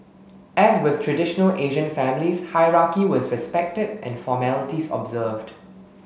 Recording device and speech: mobile phone (Samsung S8), read sentence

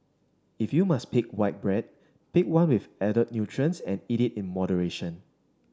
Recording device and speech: standing microphone (AKG C214), read sentence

